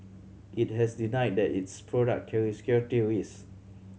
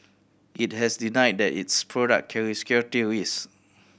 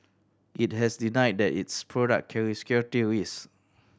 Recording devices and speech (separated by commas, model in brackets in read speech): mobile phone (Samsung C7100), boundary microphone (BM630), standing microphone (AKG C214), read sentence